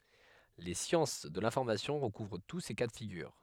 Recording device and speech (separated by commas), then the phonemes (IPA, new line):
headset microphone, read sentence
le sjɑ̃s də lɛ̃fɔʁmasjɔ̃ ʁəkuvʁ tu se ka də fiɡyʁ